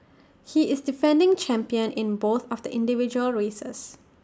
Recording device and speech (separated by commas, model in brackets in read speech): standing microphone (AKG C214), read sentence